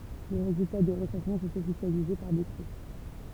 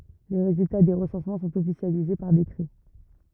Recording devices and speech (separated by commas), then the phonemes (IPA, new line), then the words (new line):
temple vibration pickup, rigid in-ear microphone, read sentence
le ʁezylta de ʁəsɑ̃smɑ̃ sɔ̃t ɔfisjalize paʁ dekʁɛ
Les résultats des recensements sont officialisés par décret.